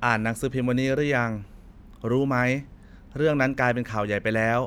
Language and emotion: Thai, neutral